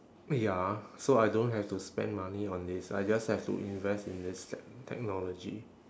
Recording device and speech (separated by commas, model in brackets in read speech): standing microphone, conversation in separate rooms